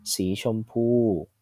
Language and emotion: Thai, neutral